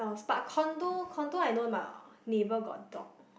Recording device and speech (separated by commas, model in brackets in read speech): boundary microphone, conversation in the same room